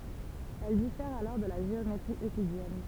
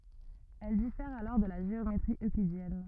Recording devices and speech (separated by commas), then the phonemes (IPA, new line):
temple vibration pickup, rigid in-ear microphone, read sentence
ɛl difɛʁt alɔʁ də la ʒeometʁi øklidjɛn